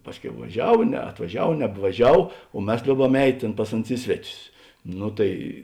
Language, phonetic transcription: Lithuanian, ˈpasˌkiau vaˈžiav neatvaˈžiav nebvaˈžiav o ˈmes ˈliouˌbam eit' ˈtėn ˈpas aˌnus ˈi sveˌtius ˈnu tai

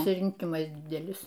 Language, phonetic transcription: Lithuanian, pasirinˈkimas ˈdidelis

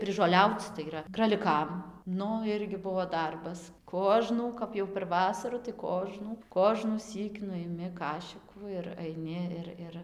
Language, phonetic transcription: Lithuanian, prižoˈliauc tai yˈra kraliˈkam ˈnu ˈirgi ˈbuo ˈdarbas ˈkožnų ˈkap jau per ˈvasaru tai ˈkožnų kožnųˈsyk nu iˈmi ˈkašikų ir aiˈni ir ˈir

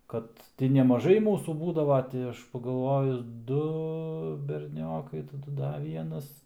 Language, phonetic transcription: Lithuanian, ˈkad ti nemaˈžai ˈmūsų ˈbūdavo ˈti aš pagalˈvojus ˈdu berˈniokai taˈdu ˈda ˈvienas

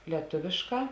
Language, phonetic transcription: Lithuanian, lieˈtuvėšˌkā

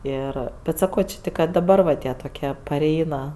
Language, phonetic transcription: Lithuanian, ˈir bet saˈko či ˈtik ka daˈbar va ˈtie toˈkie paˈreina

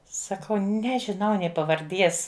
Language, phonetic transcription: Lithuanian, saˈkau ˈnežinau nė pavarˈdies

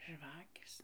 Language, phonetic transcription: Lithuanian, ˈžvakės

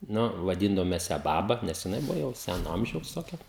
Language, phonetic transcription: Lithuanian, ˈnu vaˈdyndavom mes ją ˈbaba ˈnes jiˈnai ˈbuvo ˈjau ˈsæno ˈamžiaus toˈkia

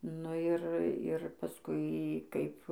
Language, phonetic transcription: Lithuanian, nu ˈir ir paˈskui ˈkaip

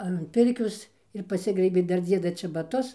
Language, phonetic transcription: Lithuanian, an ˈpirkios ir paˈsigraibė ˈdar ˈdzieda čebaˈtus

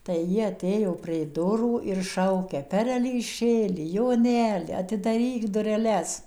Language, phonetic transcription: Lithuanian, tai ˈji aˈtėjo prė ˈdurų ir ˈšaukia ˌperelyˈšėli joˈneli atidaˈryk dureˈles

